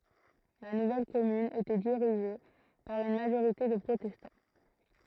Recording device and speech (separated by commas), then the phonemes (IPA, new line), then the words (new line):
throat microphone, read sentence
la nuvɛl kɔmyn etɛ diʁiʒe paʁ yn maʒoʁite də pʁotɛstɑ̃
La nouvelle commune était dirigée par une majorité de protestants.